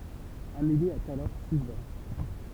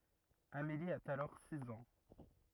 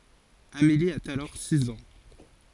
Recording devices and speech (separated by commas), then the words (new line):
temple vibration pickup, rigid in-ear microphone, forehead accelerometer, read sentence
Amélie a alors six ans.